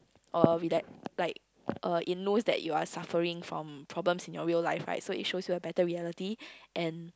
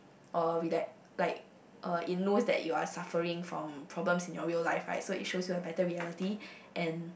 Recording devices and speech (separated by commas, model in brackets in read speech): close-talking microphone, boundary microphone, conversation in the same room